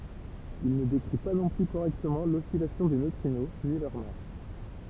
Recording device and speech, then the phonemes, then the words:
temple vibration pickup, read sentence
il nə dekʁi pa nɔ̃ ply koʁɛktəmɑ̃ lɔsilasjɔ̃ de nøtʁino ni lœʁ mas
Il ne décrit pas non plus correctement l'oscillation des neutrinos ni leur masse.

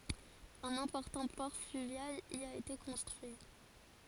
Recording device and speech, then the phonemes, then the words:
forehead accelerometer, read sentence
œ̃n ɛ̃pɔʁtɑ̃ pɔʁ flyvjal i a ete kɔ̃stʁyi
Un important port fluvial y a été construit.

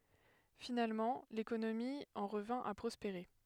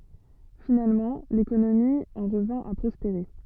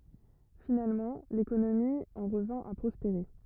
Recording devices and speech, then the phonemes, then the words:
headset microphone, soft in-ear microphone, rigid in-ear microphone, read sentence
finalmɑ̃ lekonomi ɑ̃ ʁəvɛ̃ a pʁɔspeʁe
Finalement, l'économie en revint à prospérer.

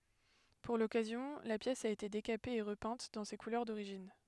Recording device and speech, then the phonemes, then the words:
headset microphone, read sentence
puʁ lɔkazjɔ̃ la pjɛs a ete dekape e ʁəpɛ̃t dɑ̃ se kulœʁ doʁiʒin
Pour l'occasion, la pièce a été décapée et repeinte dans ses couleurs d'origine.

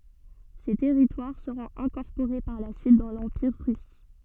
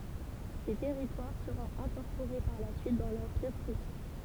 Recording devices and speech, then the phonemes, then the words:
soft in-ear microphone, temple vibration pickup, read sentence
se tɛʁitwaʁ səʁɔ̃t ɛ̃kɔʁpoʁe paʁ la syit dɑ̃ lɑ̃piʁ ʁys
Ces territoires seront incorporés par la suite dans l'Empire russe.

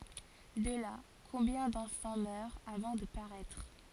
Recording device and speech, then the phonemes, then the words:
forehead accelerometer, read sentence
də la kɔ̃bjɛ̃ dɑ̃fɑ̃ mœʁt avɑ̃ də paʁɛtʁ
De là, combien d'enfants meurent avant de paraître.

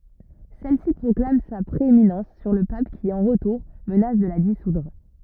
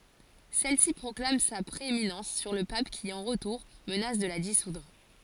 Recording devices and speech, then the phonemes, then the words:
rigid in-ear microphone, forehead accelerometer, read sentence
sɛlsi pʁɔklam sa pʁeeminɑ̃s syʁ lə pap ki ɑ̃ ʁətuʁ mənas də la disudʁ
Celle-ci proclame sa prééminence sur le pape qui, en retour, menace de la dissoudre.

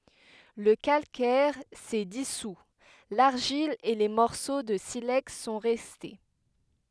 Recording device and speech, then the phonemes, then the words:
headset microphone, read sentence
lə kalkɛʁ sɛ disu laʁʒil e le mɔʁso də silɛks sɔ̃ ʁɛste
Le calcaire s’est dissout, l’argile et les morceaux de silex sont restés.

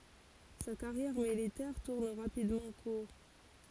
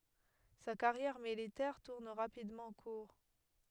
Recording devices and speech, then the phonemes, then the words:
forehead accelerometer, headset microphone, read sentence
sa kaʁjɛʁ militɛʁ tuʁn ʁapidmɑ̃ kuʁ
Sa carrière militaire tourne rapidement court.

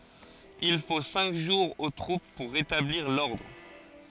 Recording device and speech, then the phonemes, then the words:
forehead accelerometer, read sentence
il fo sɛ̃k ʒuʁz o tʁup puʁ ʁetabliʁ lɔʁdʁ
Il faut cinq jours aux troupes pour rétablir l'ordre.

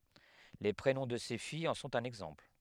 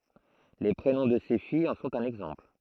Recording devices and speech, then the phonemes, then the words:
headset microphone, throat microphone, read sentence
le pʁenɔ̃ də se fijz ɑ̃ sɔ̃t œ̃n ɛɡzɑ̃pl
Les prénoms de ses filles en sont un exemple.

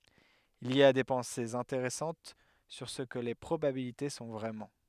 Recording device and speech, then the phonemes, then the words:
headset microphone, read sentence
il i a de pɑ̃sez ɛ̃teʁɛsɑ̃t syʁ sə kə le pʁobabilite sɔ̃ vʁɛmɑ̃
Il y a des pensées intéressantes sur ce que les probabilités sont vraiment.

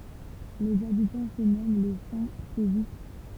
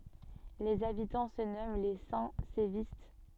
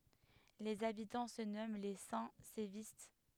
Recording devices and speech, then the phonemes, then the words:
temple vibration pickup, soft in-ear microphone, headset microphone, read sentence
lez abitɑ̃ sə nɔmɑ̃ le sɛ̃ sevist
Les habitants se nomment les Saint-Sévistes.

